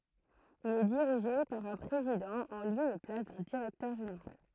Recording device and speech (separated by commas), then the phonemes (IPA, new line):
throat microphone, read sentence
il ɛ diʁiʒe paʁ œ̃ pʁezidɑ̃ ɑ̃ ljø e plas dœ̃ diʁɛktœʁ ʒeneʁal